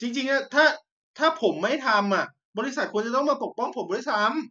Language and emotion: Thai, frustrated